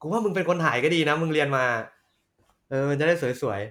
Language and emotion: Thai, happy